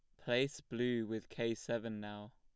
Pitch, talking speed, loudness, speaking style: 115 Hz, 165 wpm, -39 LUFS, plain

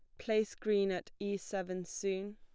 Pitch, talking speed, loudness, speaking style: 200 Hz, 165 wpm, -36 LUFS, plain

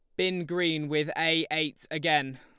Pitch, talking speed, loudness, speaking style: 155 Hz, 165 wpm, -27 LUFS, Lombard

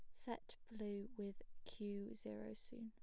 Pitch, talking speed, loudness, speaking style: 205 Hz, 135 wpm, -51 LUFS, plain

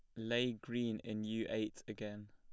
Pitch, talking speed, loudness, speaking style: 110 Hz, 170 wpm, -41 LUFS, plain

